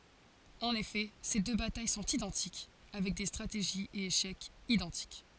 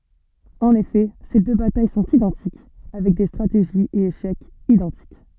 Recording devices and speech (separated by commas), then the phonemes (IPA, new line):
forehead accelerometer, soft in-ear microphone, read sentence
ɑ̃n efɛ se dø bataj sɔ̃t idɑ̃tik avɛk de stʁateʒiz e eʃɛkz idɑ̃tik